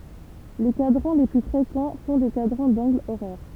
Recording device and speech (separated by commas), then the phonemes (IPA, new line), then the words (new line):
temple vibration pickup, read sentence
le kadʁɑ̃ le ply fʁekɑ̃ sɔ̃ de kadʁɑ̃ dɑ̃ɡlz oʁɛʁ
Les cadrans les plus fréquents sont des cadrans d'angles horaires.